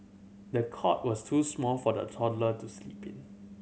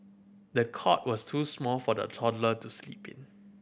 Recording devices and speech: mobile phone (Samsung C7100), boundary microphone (BM630), read sentence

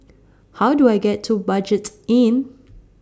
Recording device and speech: standing microphone (AKG C214), read sentence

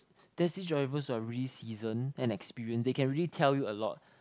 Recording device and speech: close-talking microphone, conversation in the same room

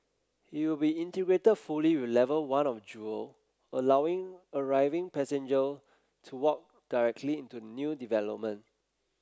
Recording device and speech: close-talking microphone (WH30), read sentence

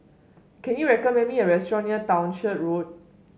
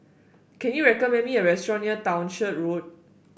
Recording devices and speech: mobile phone (Samsung S8), boundary microphone (BM630), read sentence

